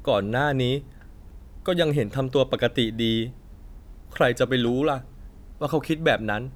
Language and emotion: Thai, frustrated